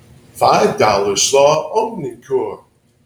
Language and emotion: English, happy